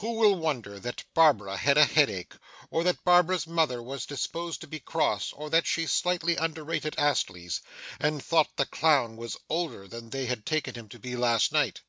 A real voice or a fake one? real